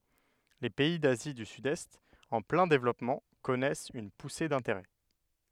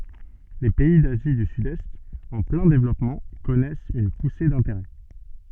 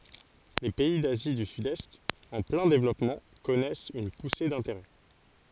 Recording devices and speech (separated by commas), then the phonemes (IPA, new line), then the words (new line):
headset microphone, soft in-ear microphone, forehead accelerometer, read sentence
le pɛi dazi dy sydɛst ɑ̃ plɛ̃ devlɔpmɑ̃ kɔnɛst yn puse dɛ̃teʁɛ
Les pays d'Asie du Sud-Est, en plein développement, connaissent une poussée d'intérêts.